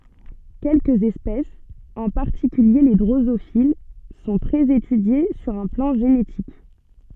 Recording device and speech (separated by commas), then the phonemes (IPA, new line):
soft in-ear microphone, read sentence
kɛlkəz ɛspɛsz ɑ̃ paʁtikylje le dʁozofil sɔ̃ tʁɛz etydje syʁ œ̃ plɑ̃ ʒenetik